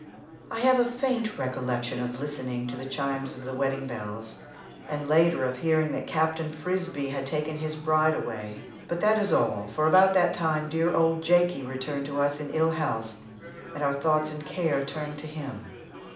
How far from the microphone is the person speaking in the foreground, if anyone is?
2.0 m.